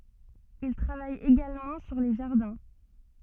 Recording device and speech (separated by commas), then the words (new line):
soft in-ear microphone, read sentence
Il travaille également sur les jardins.